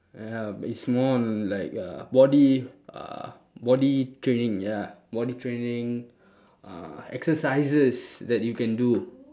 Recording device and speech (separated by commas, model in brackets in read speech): standing microphone, conversation in separate rooms